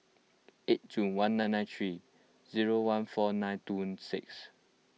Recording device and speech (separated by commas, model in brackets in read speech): mobile phone (iPhone 6), read sentence